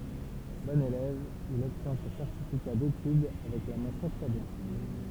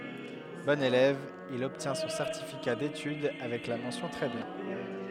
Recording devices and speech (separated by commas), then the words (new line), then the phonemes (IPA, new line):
temple vibration pickup, headset microphone, read sentence
Bon élève, il obtient son certificat d'études avec la mention très bien.
bɔ̃n elɛv il ɔbtjɛ̃ sɔ̃ sɛʁtifika detyd avɛk la mɑ̃sjɔ̃ tʁɛ bjɛ̃